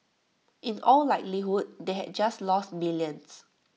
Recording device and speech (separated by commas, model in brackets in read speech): mobile phone (iPhone 6), read sentence